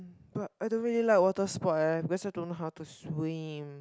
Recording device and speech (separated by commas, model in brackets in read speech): close-talking microphone, conversation in the same room